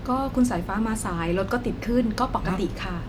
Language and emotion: Thai, neutral